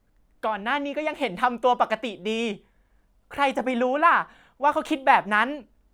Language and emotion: Thai, frustrated